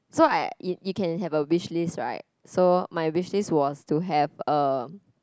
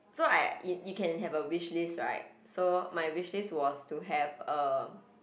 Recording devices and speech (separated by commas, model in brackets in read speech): close-talking microphone, boundary microphone, conversation in the same room